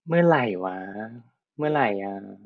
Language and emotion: Thai, frustrated